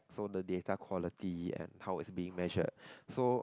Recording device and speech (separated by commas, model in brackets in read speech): close-talking microphone, conversation in the same room